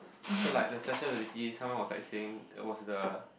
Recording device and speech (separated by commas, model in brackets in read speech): boundary microphone, conversation in the same room